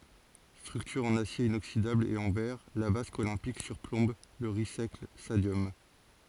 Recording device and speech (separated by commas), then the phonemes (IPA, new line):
forehead accelerometer, read sentence
stʁyktyʁ ɑ̃n asje inoksidabl e ɑ̃ vɛʁ la vask olɛ̃pik syʁplɔ̃b lə ʁis ɛklɛs stadjɔm